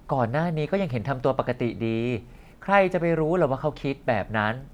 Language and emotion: Thai, frustrated